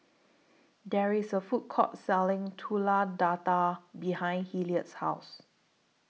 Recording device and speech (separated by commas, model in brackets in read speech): mobile phone (iPhone 6), read sentence